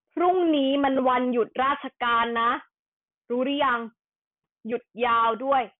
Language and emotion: Thai, frustrated